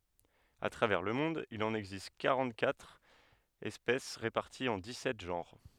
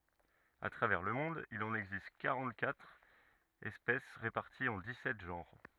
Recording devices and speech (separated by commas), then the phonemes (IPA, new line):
headset microphone, rigid in-ear microphone, read sentence
a tʁavɛʁ lə mɔ̃d il ɑ̃n ɛɡzist kaʁɑ̃təkatʁ ɛspɛs ʁepaʁtiz ɑ̃ dikssɛt ʒɑ̃ʁ